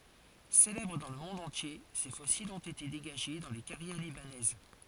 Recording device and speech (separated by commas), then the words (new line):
forehead accelerometer, read sentence
Célèbres dans le monde entier, ces fossiles ont été dégagés dans les carrières libanaises.